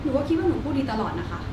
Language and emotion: Thai, frustrated